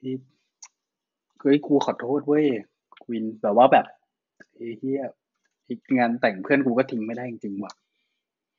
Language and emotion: Thai, frustrated